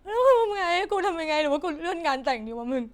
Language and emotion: Thai, sad